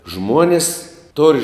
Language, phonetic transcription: Lithuanian, ˈžmuonis tor'

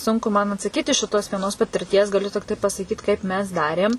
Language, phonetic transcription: Lithuanian, ˈsunku man atsaˈkyt iš šiˈtos vieˈnos patirˈties gaˈliu tikˈtai pasaˈkyt kaip mes ˈdarėm

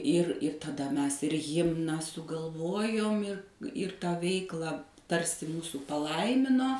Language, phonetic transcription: Lithuanian, ir ir taˈda ˈmes ir ˈhimną sugalˈvojom ir ir tˈą ˈveiklą ˈtarsi ˈmūsų paˈlaimino

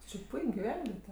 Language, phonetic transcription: Lithuanian, ti či ˈpuik' giˈvenviete

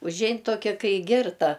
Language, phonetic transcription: Lithuanian, užˈein ˈtokia ˈkai ˈgirta

